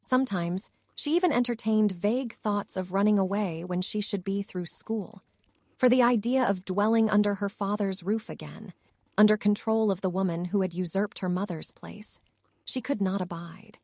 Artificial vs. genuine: artificial